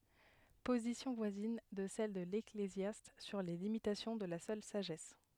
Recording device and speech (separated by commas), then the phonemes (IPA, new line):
headset microphone, read sentence
pozisjɔ̃ vwazin də sɛl də leklezjast syʁ le limitasjɔ̃ də la sœl saʒɛs